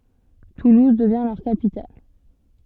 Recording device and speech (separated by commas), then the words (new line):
soft in-ear microphone, read sentence
Toulouse devient leur capitale.